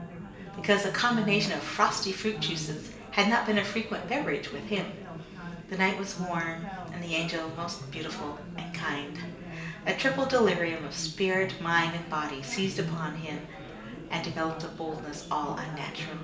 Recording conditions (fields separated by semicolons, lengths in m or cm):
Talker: one person; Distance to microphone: 1.8 m; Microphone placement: close; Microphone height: 1.0 m; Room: large; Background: babble